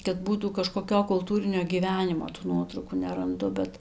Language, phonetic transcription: Lithuanian, kad ˈbūtų kažkoˈkio kulˈtūrinio gyˈvenimo tų ˈnuotraukų neranˈdu bet

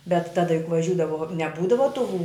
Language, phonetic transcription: Lithuanian, bet ˈtada juk vaˈžiūdavo neˈbūdava tų

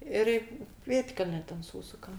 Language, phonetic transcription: Lithuanian, ˈir i ˈpėdkelne ten ˈsūsukam

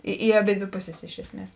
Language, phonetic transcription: Lithuanian, i i aˈbėdvė ˈpuˌsės ˈiš esˌmies

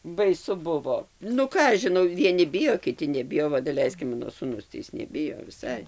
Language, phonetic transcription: Lithuanian, baiˈsu ˈbuvo nu ˈką aš žiˈnau vieˈni ˈbijo kiˈti neˈbijo ˈva daˈleisk ˈmano sūˈnus tai ˈis neˈbijo viˈsai

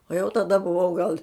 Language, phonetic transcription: Lithuanian, o jau taˈda buˈvau gal

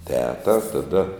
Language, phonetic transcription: Lithuanian, ˈteta taˈda

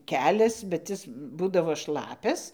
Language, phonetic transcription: Lithuanian, ˈkelias bet ˈis ˈbūdavo ˈšlapias

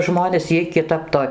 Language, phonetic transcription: Lithuanian, ˈžmonės ˈjiej kiˈtap to

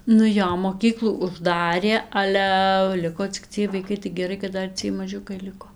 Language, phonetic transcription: Lithuanian, nu ˈjo moˈkyklų užˈdarė ˈalæ ˈliko cik ˈciej vaiˈkai tai geˈrai kad ˈdar ˈciej maˈžiukai ˈliko

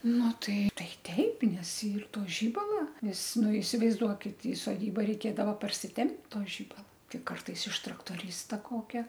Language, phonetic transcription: Lithuanian, ˈnu ˈtai ˈtai ˈteip nes ˈyr ˈto ˈžybala ˈnes ˈnu isivaizˈduokit i soˈdyba reiˈkėdava parsiˈtempt' ˈto žibala ˈti ˈkartais iš traktoˈrysta ˈkokia

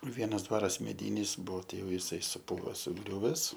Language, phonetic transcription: Lithuanian, ˈvienas ˈdvaras meˈdynis ˈbuo ˈtei ˈjau jiˈsai suˈpūva suˈgriūves

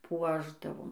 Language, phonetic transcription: Lithuanian, ˈpuošdavom

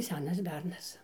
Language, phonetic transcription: Lithuanian, ˈsenas ˈbernas

